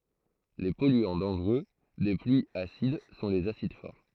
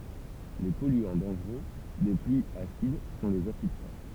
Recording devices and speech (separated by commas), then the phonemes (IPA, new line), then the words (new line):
throat microphone, temple vibration pickup, read sentence
le pɔlyɑ̃ dɑ̃ʒʁø de plyiz asid sɔ̃ lez asid fɔʁ
Les polluants dangereux des pluies acides sont les acides forts.